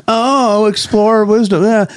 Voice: in whiny, condescending voice